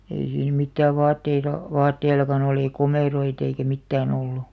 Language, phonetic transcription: Finnish, 'ei siin 'mittääv "vaatteila , "vatteilakan ‿(oli) "komèroit ‿eikä 'mittää'n ‿ollu .
- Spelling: ei siinä mitään vaatteilla vaatteillakaan oli komeroita eikä mitään ollut

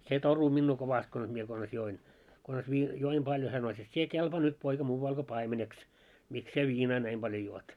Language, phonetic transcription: Finnish, se 'toru minnuu 'kovast kons mie kons 'join kons vii- , 'joim 'ʙaljo hä sano » 'et 'sie "kelpaa nyt 'poika muuval ko "paimeneks , 'miks sie 'viinaa 'näim ʙaljo juot « .
- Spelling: se torui minua kovasti konsa minä konsa join konsa - join paljon hän sanoi et sinä kelpaa nyt poika muualle kuin paimeneksi miksi sinä viinaa näin paljon juot

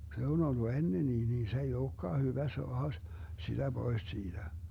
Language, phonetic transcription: Finnish, 'se on ollu 'ennenii nii se ei "ookkaa 'hyvä 'soaha s- , 'siDä "Bois 'siiDä .
- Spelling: se on ollut ennenkin niin se ei olekaan hyvä saada - sitä pois siitä

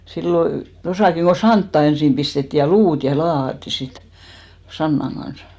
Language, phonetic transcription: Finnish, sillo , 'tosàkiŋ ɢo "santta ensim 'pistetti ja "luut ja 'laahatti sit , 'sannaŋ ɢans .
- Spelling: silloin tuossakin kun santaa ensin pistettiin ja luuta ja laahattiin sitten sannan kanssa

